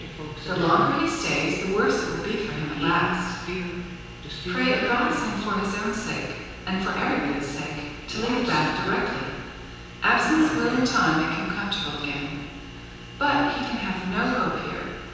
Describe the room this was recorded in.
A very reverberant large room.